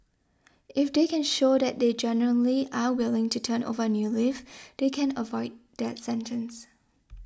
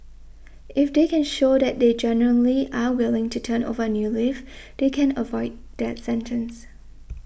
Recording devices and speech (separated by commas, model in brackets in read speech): standing microphone (AKG C214), boundary microphone (BM630), read sentence